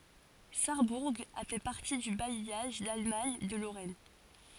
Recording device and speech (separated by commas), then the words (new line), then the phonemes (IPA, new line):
forehead accelerometer, read sentence
Sarrebourg a fait partie du bailliage d'Allemagne de Lorraine.
saʁbuʁ a fɛ paʁti dy bajjaʒ dalmaɲ də loʁɛn